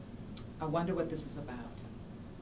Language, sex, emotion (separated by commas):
English, female, fearful